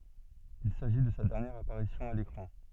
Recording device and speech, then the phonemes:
soft in-ear microphone, read sentence
il saʒi də sa dɛʁnjɛʁ apaʁisjɔ̃ a lekʁɑ̃

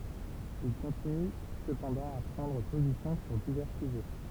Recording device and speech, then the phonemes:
temple vibration pickup, read sentence
il kɔ̃tiny səpɑ̃dɑ̃ a pʁɑ̃dʁ pozisjɔ̃ syʁ divɛʁ syʒɛ

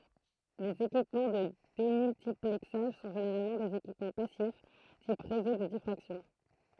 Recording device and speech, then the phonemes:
throat microphone, read sentence
lez ekipmɑ̃ də demyltiplɛksaʒ sɔ̃ ʒeneʁalmɑ̃ dez ekipmɑ̃ pasif tip ʁezo də difʁaksjɔ̃

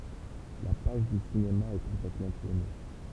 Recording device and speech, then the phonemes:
temple vibration pickup, read sentence
la paʒ dy sinema ɛ kɔ̃plɛtmɑ̃ tuʁne

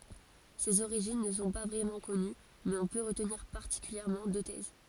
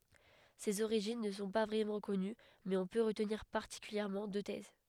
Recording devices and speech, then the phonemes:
forehead accelerometer, headset microphone, read sentence
sez oʁiʒin nə sɔ̃ pa vʁɛmɑ̃ kɔny mɛz ɔ̃ pø ʁətniʁ paʁtikyljɛʁmɑ̃ dø tɛz

